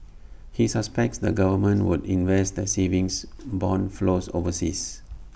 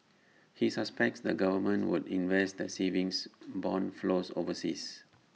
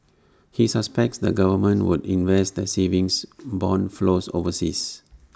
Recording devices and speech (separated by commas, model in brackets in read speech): boundary microphone (BM630), mobile phone (iPhone 6), standing microphone (AKG C214), read sentence